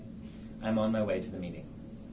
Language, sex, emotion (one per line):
English
male
neutral